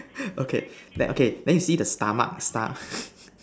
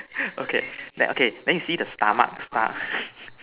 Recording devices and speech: standing microphone, telephone, conversation in separate rooms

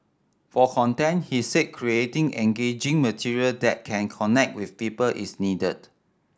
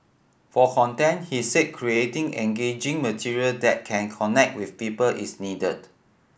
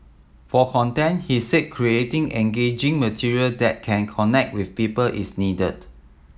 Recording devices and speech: standing microphone (AKG C214), boundary microphone (BM630), mobile phone (iPhone 7), read sentence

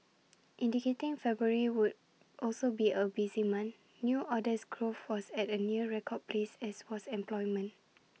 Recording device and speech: mobile phone (iPhone 6), read sentence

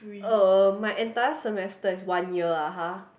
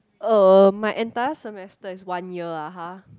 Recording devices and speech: boundary microphone, close-talking microphone, conversation in the same room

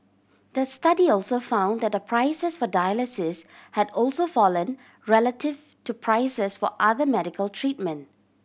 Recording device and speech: boundary microphone (BM630), read sentence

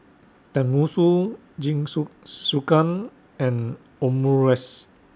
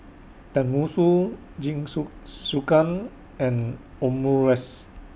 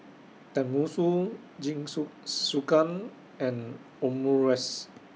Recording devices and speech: standing microphone (AKG C214), boundary microphone (BM630), mobile phone (iPhone 6), read sentence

